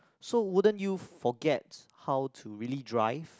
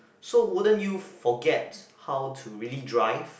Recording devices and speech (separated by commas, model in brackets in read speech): close-talking microphone, boundary microphone, conversation in the same room